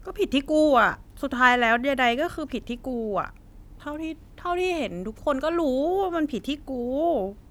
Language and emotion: Thai, frustrated